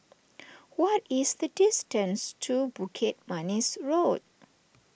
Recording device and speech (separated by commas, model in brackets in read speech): boundary microphone (BM630), read sentence